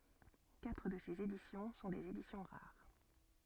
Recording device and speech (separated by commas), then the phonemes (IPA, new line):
soft in-ear microphone, read sentence
katʁ də sez edisjɔ̃ sɔ̃ dez edisjɔ̃ ʁaʁ